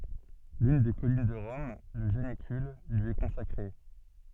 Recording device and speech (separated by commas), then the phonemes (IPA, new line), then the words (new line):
soft in-ear microphone, read sentence
lyn de kɔlin də ʁɔm lə ʒanikyl lyi ɛ kɔ̃sakʁe
L'une des collines de Rome, le Janicule, lui est consacrée.